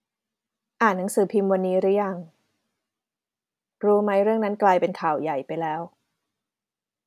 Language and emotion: Thai, neutral